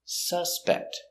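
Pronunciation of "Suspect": In 'suspect', the stress is on the first syllable, so it is pronounced as the noun, not the verb.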